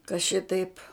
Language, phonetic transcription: Lithuanian, ka ˈšitaip

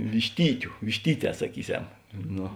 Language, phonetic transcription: Lithuanian, višˈtytiu višˈtyˌtē saˈkyˌsem ˈno

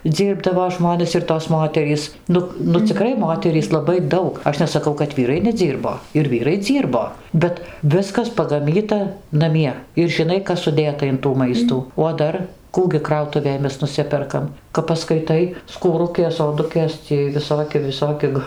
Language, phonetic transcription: Lithuanian, ˈdzyrbdavo ˈžmones ir tos ˈmoterys ˈnuk nu ciˈkrai ˈmoterys laˈbai ˈdaug ˈaš nesaˈkau kad ˈvyrai neˈdzyrbo ir ˈvyrai ˈdzyrbo ˈbet ˈviskas pagaˈmyta naˈmie ir žiˈnai ˈkas suˈdėta in tų ˈmaistų o ˈdar ˈkų gi ˈkrautuvėj ˈmes nuˈsiperkam kap paskaiˈtai skūˈrukės oˈdukės ciej viˈsoki viˈsoki g

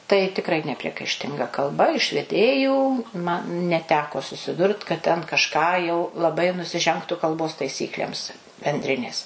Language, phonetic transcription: Lithuanian, tai tikˈrai nepriekaišˈtinga kalˈba iš veˈdėjų ma neˈteko susiˈdurt kad ˈten kažˈką jau laˈbai nusiˈžengtu kalˈbos taiˈsyklėms benˈdrinės

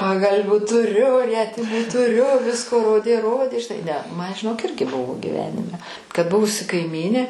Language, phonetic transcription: Lithuanian, pagalˈvių tuˈriu ˈrietimų tuˈriu ˈvisko ˈrodė ˈrodė žiˈnai ne ˈman žiˈnok ˈirgi ˈbuvo giˈvenime kad ˈbuvusi kaiˈmynė

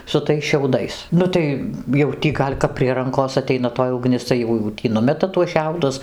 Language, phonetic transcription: Lithuanian, su ˈtais šiauˈdais ˈnu tai jau ˈtį ˈgal' kap prie ˈrankos aˈteina toj uˈgnis tai ˈjau jau ˈtį ˈnumeta tuos ˈšiaudus

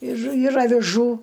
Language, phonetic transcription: Lithuanian, ir ir aviˈžų

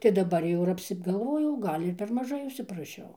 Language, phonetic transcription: Lithuanian, tai daˈbar jau ir apsigalˈvojau ˈgal' ir ˈper maˈžai užsipraˈšiau

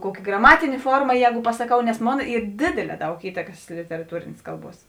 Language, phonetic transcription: Lithuanian, ˈkuoki graˈmatinė ˈforma ˈjēgu pasaˈkau nes ˈmon ˈyr ˈdėdėˌlē ˈdaug ˈįtakas literaˈtūrėnės ˈkalˌbuos

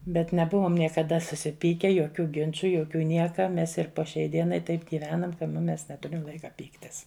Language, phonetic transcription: Lithuanian, bet neˈbuvom niekaˈda susiˈpyke joˈkių ˈginču joˈkių ˈnieka ˈmes ir po šiai ˈdienai ˈtaip giˈvenam ka nu ˈmes neˈturim ˈlaika ˈpyktis

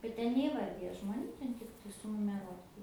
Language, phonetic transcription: Lithuanian, bet ˈten neįˈvardija žmoˈnių ˈten ˈtiktai sunumeˈruota

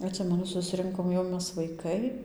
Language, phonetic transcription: Lithuanian, atˈsimenu susˈrinkom jau ˈmes vaiˈkai

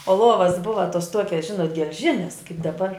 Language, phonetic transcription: Lithuanian, o ˈluovas ˈbuva tos ˈtuokias ˈžinot gelˈžines kaip daˈbar

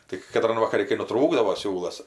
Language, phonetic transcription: Lithuanian, tik kaˈtran vakaˈri kai nuˈtrūkdavo ˈsiūlas

